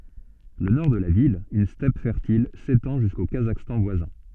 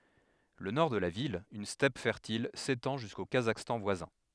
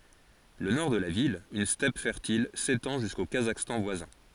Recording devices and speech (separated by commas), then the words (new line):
soft in-ear microphone, headset microphone, forehead accelerometer, read sentence
Le Nord de la ville, une steppe fertile, s'étend jusqu'au Kazakhstan voisin.